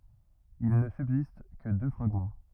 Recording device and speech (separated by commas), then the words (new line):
rigid in-ear microphone, read sentence
Il ne subsiste que deux fragments.